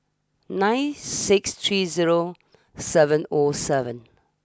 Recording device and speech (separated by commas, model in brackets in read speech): standing microphone (AKG C214), read sentence